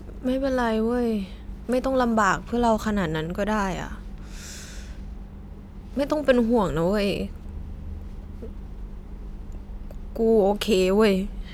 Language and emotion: Thai, sad